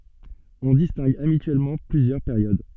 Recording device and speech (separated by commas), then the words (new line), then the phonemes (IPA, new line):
soft in-ear microphone, read sentence
On distingue habituellement plusieurs périodes.
ɔ̃ distɛ̃ɡ abityɛlmɑ̃ plyzjœʁ peʁjod